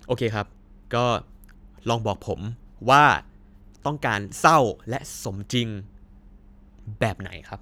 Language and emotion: Thai, neutral